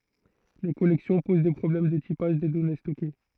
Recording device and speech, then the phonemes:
throat microphone, read sentence
le kɔlɛksjɔ̃ poz de pʁɔblɛm də tipaʒ de dɔne stɔke

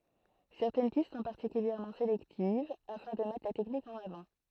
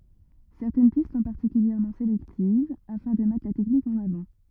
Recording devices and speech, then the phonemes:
throat microphone, rigid in-ear microphone, read sentence
sɛʁtɛn pist sɔ̃ paʁtikyljɛʁmɑ̃ selɛktiv afɛ̃ də mɛtʁ la tɛknik ɑ̃n avɑ̃

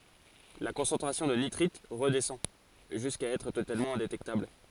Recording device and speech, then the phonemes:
forehead accelerometer, read sentence
la kɔ̃sɑ̃tʁasjɔ̃ də nitʁit ʁədɛsɑ̃ ʒyska ɛtʁ totalmɑ̃ ɛ̃detɛktabl

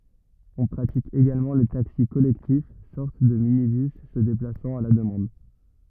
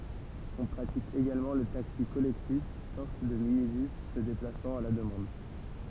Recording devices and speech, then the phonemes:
rigid in-ear microphone, temple vibration pickup, read sentence
ɔ̃ pʁatik eɡalmɑ̃ lə taksi kɔlɛktif sɔʁt də minibys sə deplasɑ̃t a la dəmɑ̃d

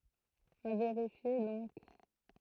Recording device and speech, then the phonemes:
throat microphone, read sentence
a veʁifje dɔ̃k

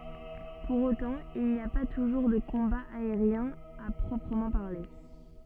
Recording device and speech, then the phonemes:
soft in-ear microphone, read sentence
puʁ otɑ̃ il ni a pa tuʒuʁ də kɔ̃baz aeʁjɛ̃z a pʁɔpʁəmɑ̃ paʁle

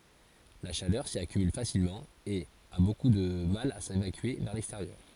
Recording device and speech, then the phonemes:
forehead accelerometer, read sentence
la ʃalœʁ si akymyl fasilmɑ̃ e a boku də mal a sevakye vɛʁ lɛksteʁjœʁ

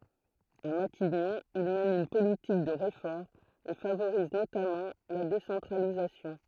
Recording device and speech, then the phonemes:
throat microphone, read sentence
a matiɲɔ̃ il mɛn yn politik də ʁefɔʁmz e favoʁiz notamɑ̃ la desɑ̃tʁalizasjɔ̃

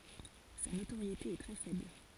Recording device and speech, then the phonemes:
forehead accelerometer, read sentence
sa notoʁjete ɛ tʁɛ fɛbl

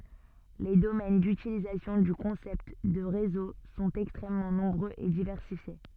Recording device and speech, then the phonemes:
soft in-ear microphone, read sentence
le domɛn dytilizasjɔ̃ dy kɔ̃sɛpt də ʁezo sɔ̃t ɛkstʁɛmmɑ̃ nɔ̃bʁøz e divɛʁsifje

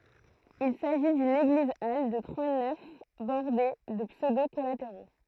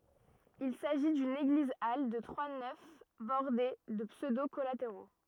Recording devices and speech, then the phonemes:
throat microphone, rigid in-ear microphone, read sentence
il saʒi dyn eɡlizal də tʁwa nɛf bɔʁde də psødo kɔlateʁo

